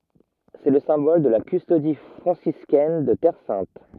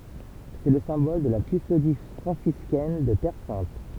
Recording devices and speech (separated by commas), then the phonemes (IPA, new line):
rigid in-ear microphone, temple vibration pickup, read sentence
sɛ lə sɛ̃bɔl də la kystodi fʁɑ̃siskɛn də tɛʁ sɛ̃t